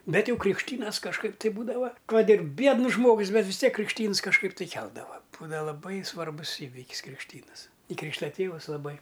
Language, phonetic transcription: Lithuanian, ˈbet ˈjau krikšˈtynas kažˈkaip tai ˈbūdava ˈkad ir ˈbiednus ˈžmogus ˈbet vis ˈtiek krikšˈtyns kažˈkaip tai ˈkeldava ˈbūdava laˈbai svarˈbus ˈįvikis krikšˈtynɨs i ˈkrykšta ˈtėvus laˈbai

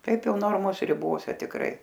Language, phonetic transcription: Lithuanian, ˈtaip ˈjau ˈnormos riˈbose tikˈrai

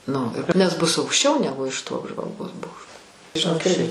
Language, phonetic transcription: Lithuanian, ˈnu nes ˈbus aukšˈčiau ˈnegu iš to apžvalˈgos ˈbokšto žiˈnok ˈirgi

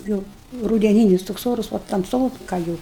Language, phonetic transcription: Lithuanian, ˈjūu rudeˈnynis toks ˈorus va tamˈsoka jau

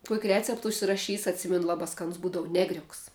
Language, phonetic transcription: Lithuanian, kuok' ˈrecept užsiraˈšys atˈsimenu ˈlaba ˈskanus ˈbūdavu ˈnegriuks

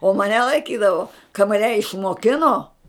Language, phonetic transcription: Lithuanian, o maˈne laiˈkydavo ka maˈne išmoˈkino

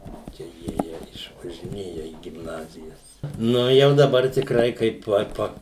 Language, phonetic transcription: Lithuanian, ˈčia ˈjiejie išvažiˈnėja į gimˈnazijas ˈnu jau daˈbar tikˈrai kaip ˈot ˈpa

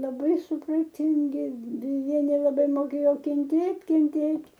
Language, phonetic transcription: Lithuanian, laˈbai supraˈtingi deˈja nelaˈbai moˈkėjo kenˈtėt' kenˈtėt'

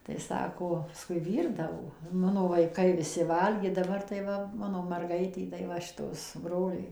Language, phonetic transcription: Lithuanian, tai ˈsako paˈskui ˈvyrdavo ˈmano vaiˈkai ˈviˈsi ˈvalgė daˈbar tai ˈva ˈmano marˈgaitė tai ˈva šiˈtos ˈbroliai

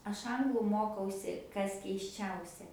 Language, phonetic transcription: Lithuanian, ˈaš ˈanglu ˈmokausi ˈkas keisˈčiausia

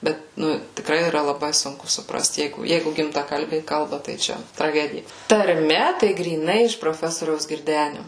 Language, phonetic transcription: Lithuanian, ˈbet ˈnu tikˈrai yˈra laˈbai ˈsunku supˈrast ˈjeigu ˈjeigu gimtaˈkalbiai ˈkalba tai ˈčia traˈgedija tarˈme tai gryˈnai iš proˈfesoriaus girˈdeniu

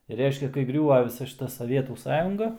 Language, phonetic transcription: Lithuanian, ir ˈreiškia kai ˈgriūva viˈsa šiˈta saˈvietų ˈsąjunga

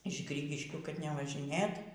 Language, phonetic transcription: Lithuanian, iš ˈgrygiškių kad nevažiˈnėt

